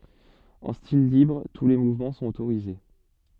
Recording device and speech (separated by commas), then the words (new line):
soft in-ear microphone, read sentence
En style libre, tous les mouvements sont autorisés.